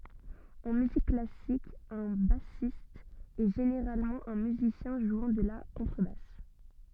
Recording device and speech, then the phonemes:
soft in-ear microphone, read sentence
ɑ̃ myzik klasik œ̃ basist ɛ ʒeneʁalmɑ̃ œ̃ myzisjɛ̃ ʒwɑ̃ də la kɔ̃tʁəbas

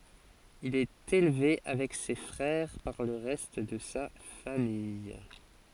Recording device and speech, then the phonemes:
forehead accelerometer, read sentence
il ɛt elve avɛk se fʁɛʁ paʁ lə ʁɛst də sa famij

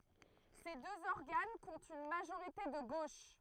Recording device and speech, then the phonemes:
throat microphone, read sentence
se døz ɔʁɡan kɔ̃tt yn maʒoʁite də ɡoʃ

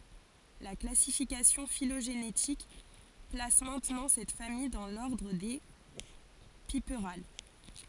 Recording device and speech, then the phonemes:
forehead accelerometer, read sentence
la klasifikasjɔ̃ filoʒenetik plas mɛ̃tnɑ̃ sɛt famij dɑ̃ lɔʁdʁ de pipʁal

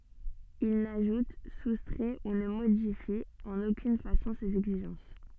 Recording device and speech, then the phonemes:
soft in-ear microphone, read sentence
il naʒut sustʁɛ u nə modifi ɑ̃n okyn fasɔ̃ sez ɛɡziʒɑ̃s

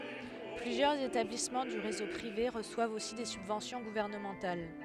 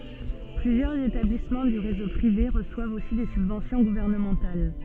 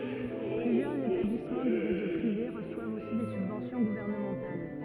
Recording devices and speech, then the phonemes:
headset microphone, soft in-ear microphone, rigid in-ear microphone, read sentence
plyzjœʁz etablismɑ̃ dy ʁezo pʁive ʁəswavt osi de sybvɑ̃sjɔ̃ ɡuvɛʁnəmɑ̃tal

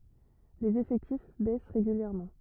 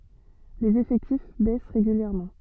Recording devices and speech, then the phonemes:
rigid in-ear microphone, soft in-ear microphone, read sentence
lez efɛktif bɛs ʁeɡyljɛʁmɑ̃

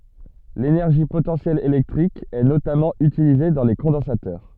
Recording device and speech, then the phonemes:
soft in-ear microphone, read sentence
lenɛʁʒi potɑ̃sjɛl elɛktʁik ɛ notamɑ̃ ytilize dɑ̃ le kɔ̃dɑ̃satœʁ

